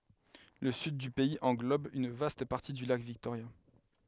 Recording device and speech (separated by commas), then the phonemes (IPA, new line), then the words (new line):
headset microphone, read sentence
lə syd dy pɛiz ɑ̃ɡlɔb yn vast paʁti dy lak viktoʁja
Le Sud du pays englobe une vaste partie du lac Victoria.